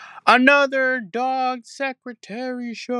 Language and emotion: English, neutral